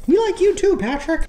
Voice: high pitched doglike voice